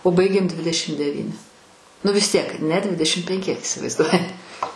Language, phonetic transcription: Lithuanian, o ˈbaigėm ˈdvidešim deˈvyni nu vis ˈtiek ne ˈdvidešim penˈki isivaizˈduoji

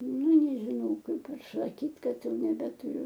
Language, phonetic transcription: Lithuanian, ne nežiˈnau ˈkaip ir saˈkyt' ˈkad ˈjau nebetuˈriu

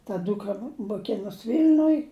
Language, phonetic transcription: Lithuanian, ta ˈdūkra moˈkinos ˈvyl'nuj

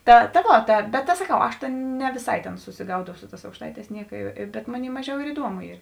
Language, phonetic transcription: Lithuanian, ˈta ta ˈvo ta bet saˈkau ˈaš ne viˈsai tėn susiˈgaudau ˈsu ˌtās aukšˈtaiˌtēs ˈnieka bet ˈmoˌnėi ˈmaˌžiau ir iˈduomu ˈyr

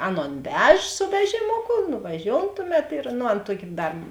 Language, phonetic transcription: Lithuanian, ˈaˌnon ˈvež su ˈvežimoku nuvaˈžioun ˈtuˌmet ir nu ˈan ˈtuoki ˈdar

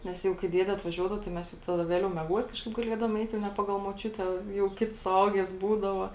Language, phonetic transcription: Lithuanian, ˈnes jau kai ˈdiede atvaˈžiuodavo tai ˈmes jau ˈtada ˈvėliau mieˈguot ˈkažkaip gaˈliedavom ˈeit ne ˈpagal moˈčiute jau ˈkits suˈauges ˈbūdava

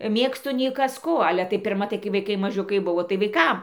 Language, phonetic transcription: Lithuanian, ˈmėgstu nei ˈkas ˈko ˈale tai pirˈma tai kai vaiˈkai maˈžiukai ˈbuvo tai vaiˈkam

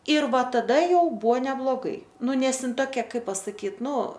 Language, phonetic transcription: Lithuanian, ir ˈva taˈda ˈjau ˈbuo nebloˈgai ˈnu ˈnes ˈin toˈkia ˈkaip pasaˈkyt ˈnu

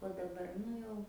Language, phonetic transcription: Lithuanian, o daˈbar ˈnu jau

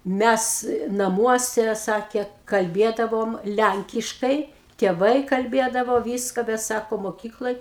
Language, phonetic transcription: Lithuanian, ˈmæs naˈmuose ˈsakė kalˈbiedavom ˈlænkiškai tieˈvai kalˈbėdavo ˈvyska bet ˈsako moˈkykloj

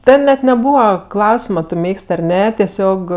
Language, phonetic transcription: Lithuanian, ˈten net neˈbūva ˈklausima ˈtu ˈmėgs't' ar ˈne teˈsiog

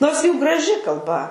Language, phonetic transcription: Lithuanian, ˈnors ˈjų graˈži kalˈba

